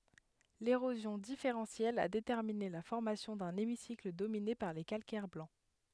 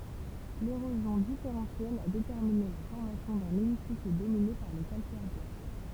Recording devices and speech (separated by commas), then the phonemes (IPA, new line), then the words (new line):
headset microphone, temple vibration pickup, read sentence
leʁozjɔ̃ difeʁɑ̃sjɛl a detɛʁmine la fɔʁmasjɔ̃ dœ̃n emisikl domine paʁ le kalkɛʁ blɑ̃
L'érosion différentielle a déterminé la formation d'un hémicycle dominé par les calcaires blancs.